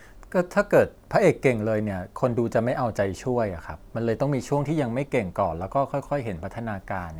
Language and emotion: Thai, neutral